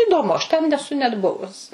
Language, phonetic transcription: Lithuanian, įdoˈmu aš ten neˈsu net ˈbuvus

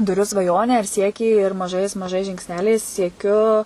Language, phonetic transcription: Lithuanian, tuˈriu svaˈjonę ir ˈsiekį ir maˈžais maˈžais žingsˈneliais sieˈkiu

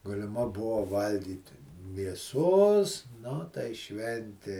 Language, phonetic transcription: Lithuanian, galiˈma ˈbuvo ˈvalgyti mieˈsos ˈnu tai ˈšventė

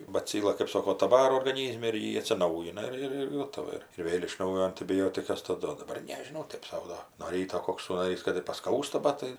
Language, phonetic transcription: Lithuanian, baˈcyla kɜp ˈsoko ta ˈvaro orgaˈnyzme ir ˈji atsiˈnaujina ˈir ir ˈgotava ˈir ir ˈvėl' iš ˈnaujo antibiˈjotikas taˈdu o daˈbar nežiˈnau ˈtɜp sau ˈdo nuo ˈryto ˈkoks sųnaˈrys kad ir paˈskausta ˈbat tai

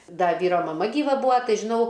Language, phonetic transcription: Lithuanian, ˈda ˈvyro maˈma gyˈva ˈbūa ˈtai žiˈnau

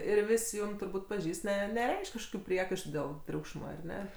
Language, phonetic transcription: Lithuanian, ir ˈvis' ˈjūm turˈbūt' paˈžįst ˈne neˈreišk' kažˈkokiu ˈpriekaištu dėl ˈtriūkšma ar ˈne

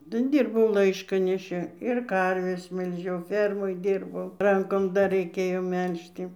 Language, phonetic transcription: Lithuanian, nu ˈdyrbau ˈlaiškaneši ir ˈkarves melˈžiau ˈfermoj ˈdyrbau ˈrankom dar reiˈkėjo ˈmelžti

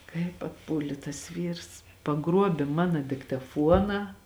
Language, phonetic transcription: Lithuanian, kaip atˈpūlė tas ˈvyrs paˈgruobė ˈmana diktaˈfuoną

